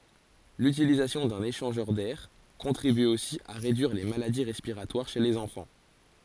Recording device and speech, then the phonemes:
forehead accelerometer, read sentence
lytilizasjɔ̃ dœ̃n eʃɑ̃ʒœʁ dɛʁ kɔ̃tʁiby osi a ʁedyiʁ le maladi ʁɛspiʁatwaʁ ʃe lez ɑ̃fɑ̃

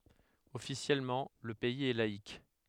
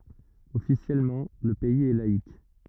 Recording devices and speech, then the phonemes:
headset microphone, rigid in-ear microphone, read sentence
ɔfisjɛlmɑ̃ lə pɛiz ɛ laik

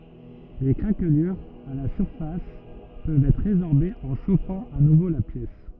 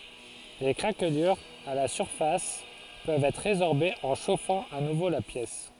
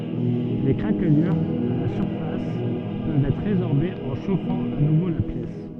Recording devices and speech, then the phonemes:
rigid in-ear microphone, forehead accelerometer, soft in-ear microphone, read sentence
le kʁaklyʁz a la syʁfas pøvt ɛtʁ ʁezɔʁbez ɑ̃ ʃofɑ̃ a nuvo la pjɛs

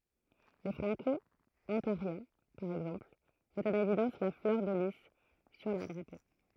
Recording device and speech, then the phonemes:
throat microphone, read sentence
le fʁɑ̃kɔɔ̃taʁjɛ̃ paʁ ɛɡzɑ̃pl mɛtt ɑ̃n evidɑ̃s la flœʁ də li syʁ lœʁ dʁapo

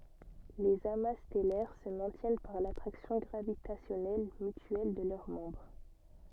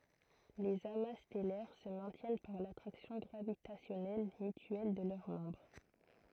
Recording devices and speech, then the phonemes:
soft in-ear microphone, throat microphone, read sentence
lez ama stɛlɛʁ sə mɛ̃tjɛn paʁ latʁaksjɔ̃ ɡʁavitasjɔnɛl mytyɛl də lœʁ mɑ̃bʁ

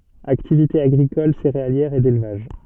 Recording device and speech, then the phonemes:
soft in-ear microphone, read sentence
aktivite aɡʁikɔl seʁealjɛʁ e delvaʒ

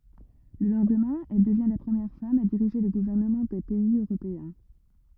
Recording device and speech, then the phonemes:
rigid in-ear microphone, read sentence
lə lɑ̃dmɛ̃ ɛl dəvjɛ̃ la pʁəmjɛʁ fam a diʁiʒe lə ɡuvɛʁnəmɑ̃ dœ̃ pɛiz øʁopeɛ̃

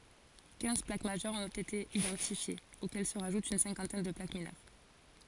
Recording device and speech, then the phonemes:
forehead accelerometer, read sentence
kɛ̃z plak maʒœʁz ɔ̃t ete idɑ̃tifjez okɛl sə ʁaʒut yn sɛ̃kɑ̃tɛn də plak minœʁ

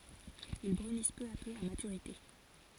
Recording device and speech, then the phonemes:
forehead accelerometer, read sentence
il bʁynis pø a pø a matyʁite

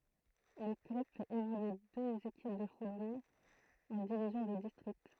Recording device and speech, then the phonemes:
throat microphone, read sentence
lə klœb fɛt evolye døz ekip də futbol ɑ̃ divizjɔ̃ də distʁikt

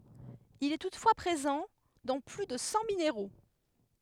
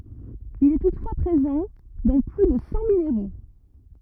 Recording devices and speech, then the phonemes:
headset microphone, rigid in-ear microphone, read sentence
il ɛ tutfwa pʁezɑ̃ dɑ̃ ply də sɑ̃ mineʁo

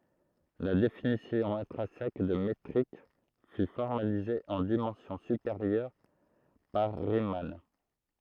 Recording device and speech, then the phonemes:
throat microphone, read sentence
la definisjɔ̃ ɛ̃tʁɛ̃sɛk də metʁik fy fɔʁmalize ɑ̃ dimɑ̃sjɔ̃ sypeʁjœʁ paʁ ʁiman

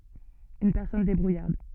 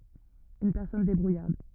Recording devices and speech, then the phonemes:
soft in-ear microphone, rigid in-ear microphone, read sentence
yn pɛʁsɔn debʁujaʁd

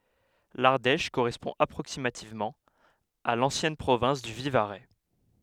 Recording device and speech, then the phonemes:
headset microphone, read sentence
laʁdɛʃ koʁɛspɔ̃ apʁoksimativmɑ̃ a lɑ̃sjɛn pʁovɛ̃s dy vivaʁɛ

